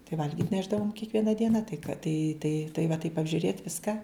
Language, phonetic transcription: Lithuanian, tai ˈvalgit' ˈnešdavom kiekˈviena ˈdiena tai ka tai tai tai va taip apžiuˈrėt' ˈviska

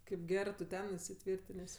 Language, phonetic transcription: Lithuanian, kaip ˈgerɜ tu ˈten isiˈtvyrtinės'

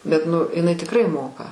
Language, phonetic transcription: Lithuanian, bet nu iˈnai tikˈrai ˈmoka

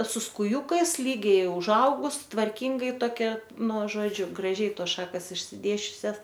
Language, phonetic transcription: Lithuanian, su skuˈjūkais ˈlygiai užˈaugus tvarˈkingai toˈkia ˈnu ˈžodžiu graˈžiai ˈtos ˈšakas išsiˈdėsčiusias

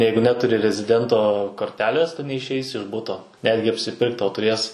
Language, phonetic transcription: Lithuanian, ˈjeigu ˈneturi reziˈdento korˈtelės ˈtu neišˈeisi iš ˈbuto ˈnetgi apsiˈpirkt ˈtau tuˈrės

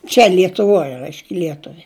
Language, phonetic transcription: Lithuanian, čia lietuˈvoj ˈraišk' ˈlietuvi

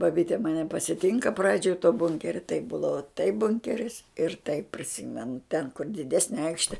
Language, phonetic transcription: Lithuanian, baˈbyte maˈne pasiˈtinka ˈpradžioj to ˈbunkeria taip ˈbūdava taip ˈbunkeris ir taip priˈsimenu ten kur diˈdesne ˈaikšte

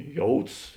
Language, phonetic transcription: Lithuanian, ˈjouds

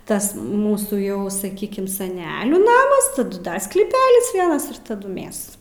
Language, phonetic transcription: Lithuanian, ˈtas ˈmūsų ˈjau saˈkykim saˈnelių ˈnamas taˈdu ˈdar sklyˈpelis ˈvienas ir taˈdu ˈmæs

